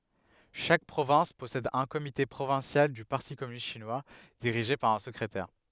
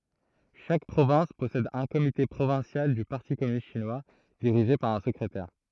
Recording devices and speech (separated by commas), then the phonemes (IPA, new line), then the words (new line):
headset microphone, throat microphone, read sentence
ʃak pʁovɛ̃s pɔsɛd œ̃ komite pʁovɛ̃sjal dy paʁti kɔmynist ʃinwa diʁiʒe paʁ œ̃ səkʁetɛʁ
Chaque province possède un comité provincial du Parti communiste chinois, dirigé par un secrétaire.